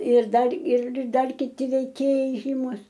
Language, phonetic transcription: Lithuanian, ir ˈdar ir ˈdar kiˈti veiˈkėjai ˈžymus

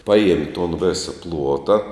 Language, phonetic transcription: Lithuanian, ˈpaˌjiemi ton ˈvėsa ˈpluota

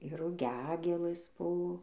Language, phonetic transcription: Lithuanian, ir ruˈgiagėlɘs ˈbu

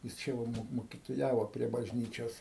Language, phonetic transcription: Lithuanian, jis ˈčia va ˈmok mokitoˈjavo prie bažˈnyčios

